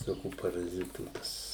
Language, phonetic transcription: Lithuanian, viˈsokių paraˈzitų ˈpas

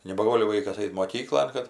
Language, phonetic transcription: Lithuanian, nebaˈgoli ˈvaikas ˈait moˈkyklon kad

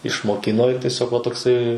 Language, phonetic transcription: Lithuanian, išmoˈkino ir teˈsiog va tokˈsai

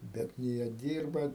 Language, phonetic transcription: Lithuanian, ˈbet nė ˈjie ˈdyrba

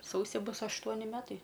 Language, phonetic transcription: Lithuanian, ˈsausi ˈbus ašˈtuoni ˈmetai

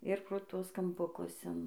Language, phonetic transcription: Lithuanian, ir pro ˈtuos kampuˈkus in

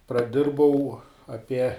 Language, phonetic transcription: Lithuanian, praˈdirbau aˈpie

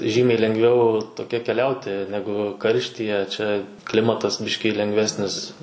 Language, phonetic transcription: Lithuanian, ˈžymiai lengˈviau toˈkia keˈliauti ˈnegu ˈkarštyje čia ˈklimatas ˈbiškį lengˈvesnis

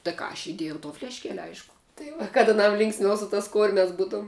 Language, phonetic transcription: Lithuanian, tai ˈką aš iˈdėjau to flešˈkeli ˈaišku tai ˈva kad aˈnam ˈlinksmiau su tas ˈkurmias ˈbūtuom

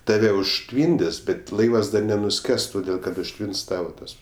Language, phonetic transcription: Lithuanian, taˈve užˈtvyndis bet ˈlaivas ˈdar nenuˈskes toˈdėl kad užˈtvins ˈtava ˈtas

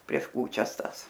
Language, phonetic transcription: Lithuanian, prieš ˈkūčias ˈtąs

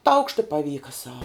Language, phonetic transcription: Lithuanian, taukšt i paˈvyka sau

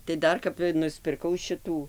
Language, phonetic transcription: Lithuanian, tai ˈdar kap nuspirˈkau ˈšitų

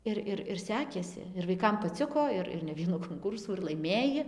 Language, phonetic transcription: Lithuanian, ˈir ir ir ˈsekėsi ir vaiˈkam paˈciko ˈir ir ne ˈvienų konˈkūrsų ir laiˈmėji

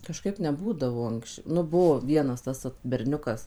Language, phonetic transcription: Lithuanian, kažˈkaip neˈbūdavo ˈanksč ˈnu ˈbuvo ˈvienas ˈtas vat berˈniukas

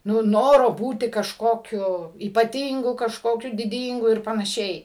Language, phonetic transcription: Lithuanian, ˈnu ˈnoro ˈbūti kažˈkokiu ypaˈtyngu kažkoˈkiu diˈdyngu ir panaˈšiai

